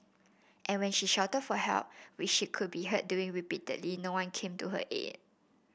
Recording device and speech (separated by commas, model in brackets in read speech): boundary microphone (BM630), read sentence